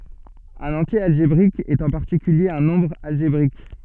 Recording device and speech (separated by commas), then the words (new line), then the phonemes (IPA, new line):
soft in-ear microphone, read sentence
Un entier algébrique est en particulier un nombre algébrique.
œ̃n ɑ̃tje alʒebʁik ɛt ɑ̃ paʁtikylje œ̃ nɔ̃bʁ alʒebʁik